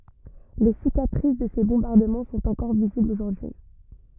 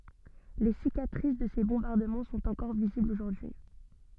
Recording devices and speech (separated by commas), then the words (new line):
rigid in-ear microphone, soft in-ear microphone, read sentence
Les cicatrices de ces bombardements sont encore visibles aujourd'hui.